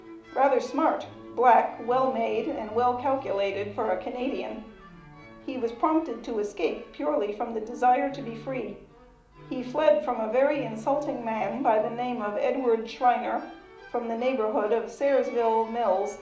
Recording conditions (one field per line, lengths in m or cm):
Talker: one person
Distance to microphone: 2.0 m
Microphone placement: close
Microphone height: 99 cm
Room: medium-sized (5.7 m by 4.0 m)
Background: music